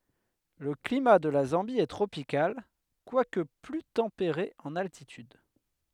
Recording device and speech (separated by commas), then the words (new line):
headset microphone, read sentence
Le climat de la Zambie est tropical, quoique plus tempéré en altitude.